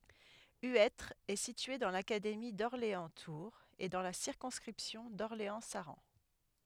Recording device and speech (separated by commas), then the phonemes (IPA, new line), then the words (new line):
headset microphone, read sentence
yɛtʁ ɛ sitye dɑ̃ lakademi dɔʁleɑ̃stuʁz e dɑ̃ la siʁkɔ̃skʁipsjɔ̃ dɔʁleɑ̃saʁɑ̃
Huêtre est situé dans l'académie d'Orléans-Tours et dans la circonscription d'Orléans-Saran.